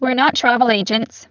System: VC, spectral filtering